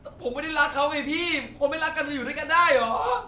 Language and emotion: Thai, sad